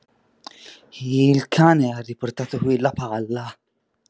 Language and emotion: Italian, fearful